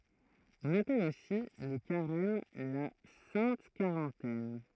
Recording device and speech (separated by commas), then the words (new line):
throat microphone, read sentence
On appelle aussi le Carême la Sainte Quarantaine.